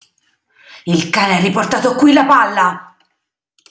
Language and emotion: Italian, angry